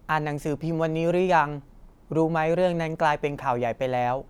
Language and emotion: Thai, neutral